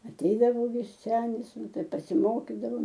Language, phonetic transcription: Lithuanian, aˈteidavo ˈvis ˈsenis ˈnu ˈtai pasiˈmokidavom

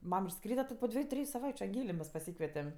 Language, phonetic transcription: Lithuanian, ˈmam išˈskryda ti po ˈdvieju ˈtriju saˈvaičiu anˈgėlė mes paˈsykvetem

